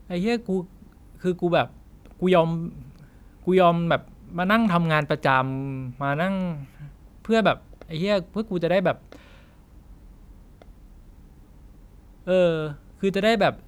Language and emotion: Thai, frustrated